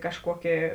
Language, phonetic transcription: Lithuanian, kažˈkuokė

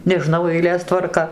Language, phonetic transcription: Lithuanian, neˈžnau eiˈlės tvarˈka

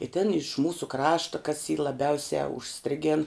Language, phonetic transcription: Lithuanian, i tin iš ˈmūsu ˈkrašta kas y laˈbiausia užˈstrigėn

